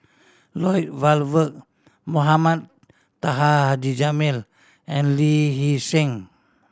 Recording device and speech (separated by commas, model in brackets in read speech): standing microphone (AKG C214), read sentence